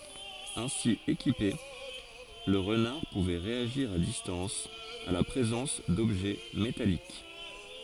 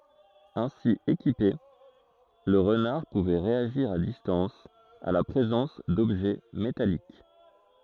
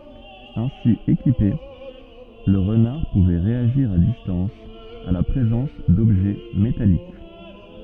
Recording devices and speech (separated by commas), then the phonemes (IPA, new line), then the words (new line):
forehead accelerometer, throat microphone, soft in-ear microphone, read sentence
ɛ̃si ekipe lə ʁənaʁ puvɛ ʁeaʒiʁ a distɑ̃s a la pʁezɑ̃s dɔbʒɛ metalik
Ainsi équipé, le renard pouvait réagir à distance à la présence d'objets métalliques.